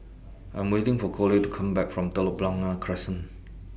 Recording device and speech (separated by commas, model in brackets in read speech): boundary microphone (BM630), read sentence